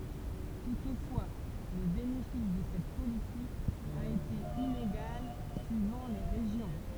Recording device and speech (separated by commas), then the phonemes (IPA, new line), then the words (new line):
temple vibration pickup, read sentence
tutfwa lə benefis də sɛt politik a ete ineɡal syivɑ̃ le ʁeʒjɔ̃
Toutefois, le bénéfice de cette politique a été inégal suivant les régions.